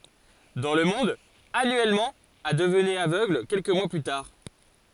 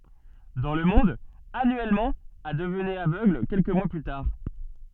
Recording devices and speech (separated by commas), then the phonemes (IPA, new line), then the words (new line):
forehead accelerometer, soft in-ear microphone, read sentence
dɑ̃ lə mɔ̃d anyɛlmɑ̃ a dəvnɛt avøɡl kɛlkə mwa ply taʁ
Dans le monde, annuellement, à devenaient aveugles, quelques mois plus tard.